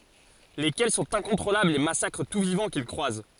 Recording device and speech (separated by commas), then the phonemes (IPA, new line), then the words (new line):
forehead accelerometer, read sentence
lekɛl sɔ̃t ɛ̃kɔ̃tʁolablz e masakʁ tu vivɑ̃ kil kʁwaz
Lesquels sont incontrôlables et massacrent tout vivant qu'ils croisent.